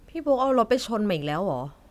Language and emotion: Thai, frustrated